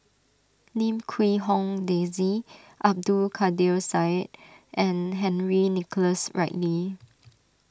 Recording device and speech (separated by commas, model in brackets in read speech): standing microphone (AKG C214), read sentence